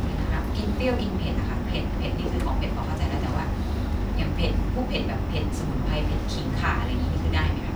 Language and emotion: Thai, neutral